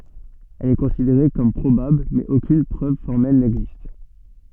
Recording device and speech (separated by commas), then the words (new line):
soft in-ear microphone, read sentence
Elle est considérée comme probable, mais aucune preuve formelle n'existe.